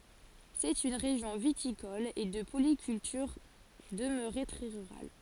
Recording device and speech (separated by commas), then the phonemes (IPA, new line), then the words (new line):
forehead accelerometer, read sentence
sɛt yn ʁeʒjɔ̃ vitikɔl e də polikyltyʁ dəmøʁe tʁɛ ʁyʁal
C'est une région viticole et de polyculture, demeurée très rurale.